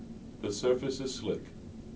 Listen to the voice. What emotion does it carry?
neutral